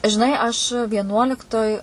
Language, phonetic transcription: Lithuanian, žiˈnai aš vieˈnuoliktoj

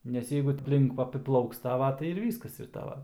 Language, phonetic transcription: Lithuanian, nes ˈjeigu apˈlink apiˈplauks ˈtava tai ir ˈvyskas ir ˈtava

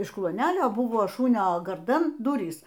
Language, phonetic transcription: Lithuanian, iš kluoˈnelio ˈbuvo ˈšunio garˈdan ˈdurys

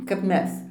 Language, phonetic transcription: Lithuanian, kap ˈmes

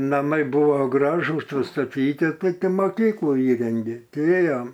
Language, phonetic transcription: Lithuanian, naˈmai ˈbuvo ˈgražus pastaˈtyti ˈtai ˈti moˈkyklu ˈįrengė ˈtei ˈėjom

